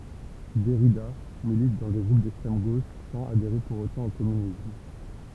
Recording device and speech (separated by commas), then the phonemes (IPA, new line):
temple vibration pickup, read sentence
dɛʁida milit dɑ̃ de ɡʁup dɛkstʁɛm ɡoʃ sɑ̃z adeʁe puʁ otɑ̃ o kɔmynism